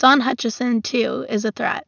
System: none